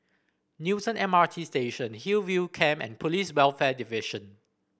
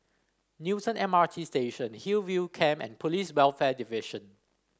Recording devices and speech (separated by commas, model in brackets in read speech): boundary microphone (BM630), standing microphone (AKG C214), read sentence